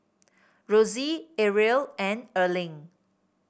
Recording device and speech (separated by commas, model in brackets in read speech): boundary microphone (BM630), read sentence